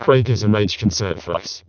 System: VC, vocoder